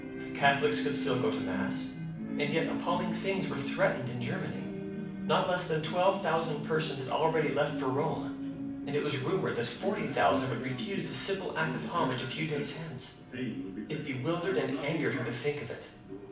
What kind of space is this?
A moderately sized room (about 5.7 m by 4.0 m).